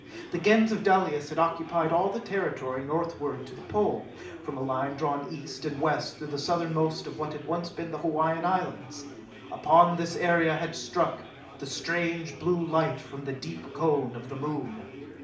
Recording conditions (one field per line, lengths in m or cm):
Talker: one person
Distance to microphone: 2.0 m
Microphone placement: close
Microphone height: 99 cm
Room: medium-sized (5.7 m by 4.0 m)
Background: babble